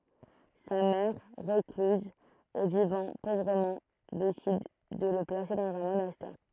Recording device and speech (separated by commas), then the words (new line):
throat microphone, read sentence
Sa mère, recluse et vivant pauvrement, décide de le placer dans un monastère.